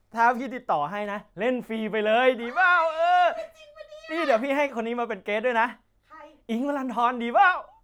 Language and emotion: Thai, happy